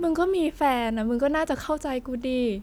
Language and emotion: Thai, frustrated